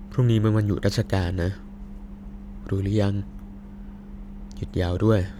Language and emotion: Thai, neutral